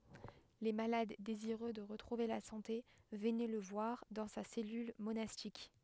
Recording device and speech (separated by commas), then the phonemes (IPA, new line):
headset microphone, read sentence
le malad deziʁø də ʁətʁuve la sɑ̃te vənɛ lə vwaʁ dɑ̃ sa sɛlyl monastik